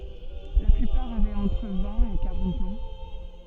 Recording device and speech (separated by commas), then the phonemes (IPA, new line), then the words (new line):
soft in-ear microphone, read sentence
la plypaʁ avɛt ɑ̃tʁ vɛ̃t e kaʁɑ̃t ɑ̃
La plupart avaient entre vingt et quarante ans.